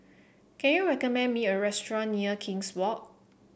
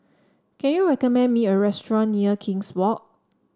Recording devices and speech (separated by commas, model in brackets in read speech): boundary microphone (BM630), standing microphone (AKG C214), read sentence